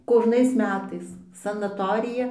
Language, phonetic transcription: Lithuanian, kožˈnais ˈmetais sanaˈtorija

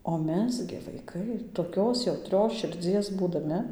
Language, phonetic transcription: Lithuanian, o ˈmes gi vaiˈkai toˈkios jauˈtrios širˈdzies būdaˈmi

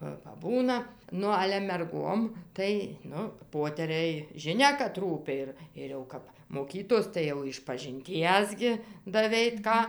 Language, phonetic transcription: Lithuanian, ˈva paˈbūna ˈnu ale merˈgom ˈtai ˈnu ˈpoteriai žiˈnia kad ˈrūpi ir ir jau ˈkap moˈkytos tai jau išpažinˈties gi daˈveit ˈką

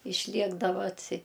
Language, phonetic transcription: Lithuanian, išˈliekdava atˈsi

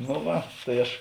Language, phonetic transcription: Lithuanian, no ˈva tai ˈaš

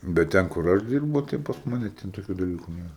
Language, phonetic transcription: Lithuanian, bet ˈten kur ˈaš ˈdyrbu tai pas ˈmane ˈten toˈkių daˈlyku ˈnėra

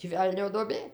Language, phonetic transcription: Lithuanian, tį ˈvelnio duoˈbė

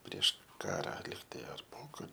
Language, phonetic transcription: Lithuanian, prieš ˈkara ˈlygtai ar ˈpokar

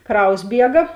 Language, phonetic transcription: Lithuanian, ˈkraus ˈbiega

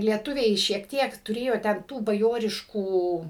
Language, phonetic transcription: Lithuanian, lieˈtuviai šiek ˈtiek tuˈrėjo ten ˈtų baˈjoriškų

